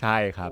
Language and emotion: Thai, frustrated